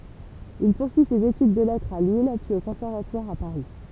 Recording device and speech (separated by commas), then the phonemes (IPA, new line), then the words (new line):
temple vibration pickup, read sentence
il puʁsyi sez etyd də lɛtʁz a lil pyiz o kɔ̃sɛʁvatwaʁ a paʁi
Il poursuit ses études de lettres à Lille, puis au Conservatoire à Paris.